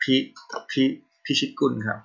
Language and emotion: Thai, neutral